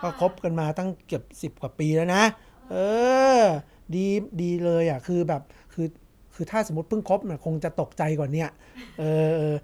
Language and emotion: Thai, happy